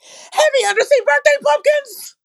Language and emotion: English, angry